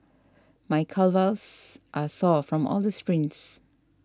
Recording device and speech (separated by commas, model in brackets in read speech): standing microphone (AKG C214), read sentence